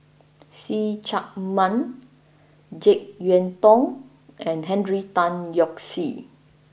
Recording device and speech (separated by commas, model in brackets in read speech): boundary microphone (BM630), read sentence